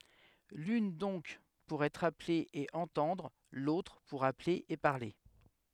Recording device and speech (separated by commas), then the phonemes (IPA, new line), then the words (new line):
headset microphone, read sentence
lyn dɔ̃k puʁ ɛtʁ aple e ɑ̃tɑ̃dʁ lotʁ puʁ aple e paʁle
L'une donc pour être appelé et entendre, l'autre pour appeler et parler.